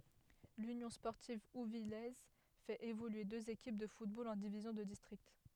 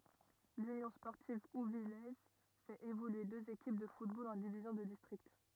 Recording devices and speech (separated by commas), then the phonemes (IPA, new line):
headset microphone, rigid in-ear microphone, read sentence
lynjɔ̃ spɔʁtiv uvijɛz fɛt evolye døz ekip də futbol ɑ̃ divizjɔ̃ də distʁikt